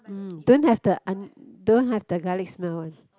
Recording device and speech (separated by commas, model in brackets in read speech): close-talking microphone, conversation in the same room